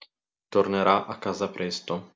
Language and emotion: Italian, neutral